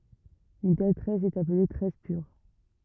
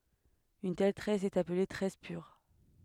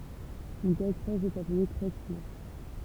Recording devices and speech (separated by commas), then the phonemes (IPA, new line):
rigid in-ear microphone, headset microphone, temple vibration pickup, read sentence
yn tɛl tʁɛs ɛt aple tʁɛs pyʁ